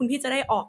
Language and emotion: Thai, frustrated